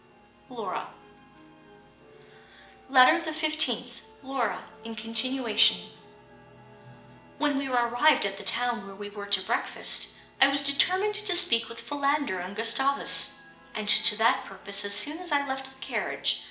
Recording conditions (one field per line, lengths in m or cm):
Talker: one person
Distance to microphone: 1.8 m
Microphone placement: close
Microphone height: 1.0 m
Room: large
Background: television